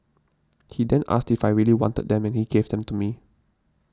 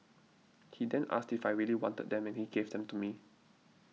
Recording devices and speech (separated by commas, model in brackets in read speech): standing microphone (AKG C214), mobile phone (iPhone 6), read sentence